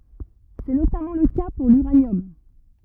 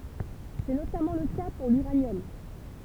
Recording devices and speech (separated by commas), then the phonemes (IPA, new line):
rigid in-ear microphone, temple vibration pickup, read sentence
sɛ notamɑ̃ lə ka puʁ lyʁanjɔm